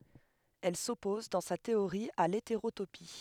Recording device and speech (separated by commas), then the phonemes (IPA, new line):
headset microphone, read sentence
ɛl sɔpɔz dɑ̃ sa teoʁi a leteʁotopi